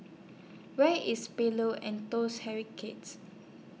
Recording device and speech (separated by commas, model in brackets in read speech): mobile phone (iPhone 6), read sentence